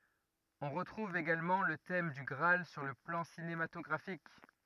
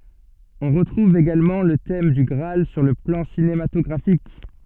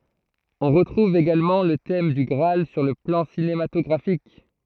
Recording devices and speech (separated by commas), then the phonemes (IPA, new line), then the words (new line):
rigid in-ear microphone, soft in-ear microphone, throat microphone, read sentence
ɔ̃ ʁətʁuv eɡalmɑ̃ lə tɛm dy ɡʁaal syʁ lə plɑ̃ sinematɔɡʁafik
On retrouve également le thème du Graal sur le plan cinématographique.